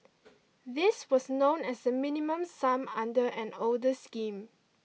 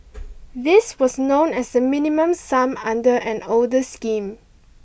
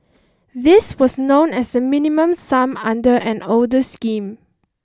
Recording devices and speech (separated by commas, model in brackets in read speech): mobile phone (iPhone 6), boundary microphone (BM630), standing microphone (AKG C214), read sentence